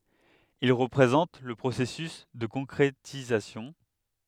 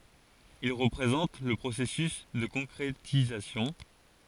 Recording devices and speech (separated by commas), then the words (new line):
headset microphone, forehead accelerometer, read sentence
Il représente le processus de concrétisation.